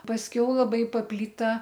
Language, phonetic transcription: Lithuanian, pasˈkiau laˈbai papˈlyta

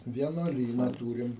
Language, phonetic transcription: Lithuanian, vienuoˈlyna ˈtūrim

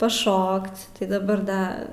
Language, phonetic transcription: Lithuanian, paˈšokc tai daˈbar ˈda

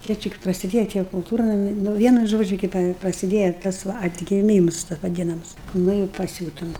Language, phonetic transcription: Lithuanian, ˈjie ˈčia k prasiˈdėja tie kulˈtūrnami nu ˈvienu ˈžodžiu ˈkaip prasiˈdėja ˈtas va atgiˈmyms ta vaˈdinams ˈnu i paˈsiūtum

